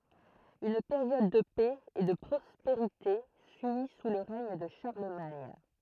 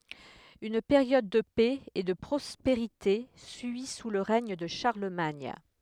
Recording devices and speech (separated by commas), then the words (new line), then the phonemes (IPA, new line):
throat microphone, headset microphone, read sentence
Une période de paix et de prospérité suit sous le règne de Charlemagne.
yn peʁjɔd də pɛ e də pʁɔspeʁite syi su lə ʁɛɲ də ʃaʁləmaɲ